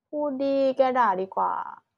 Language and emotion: Thai, sad